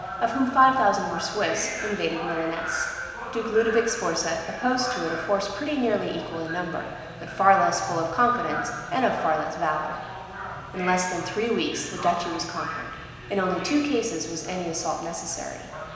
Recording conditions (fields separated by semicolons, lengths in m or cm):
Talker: one person; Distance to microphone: 1.7 m; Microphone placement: close; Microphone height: 1.0 m; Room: very reverberant, large; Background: television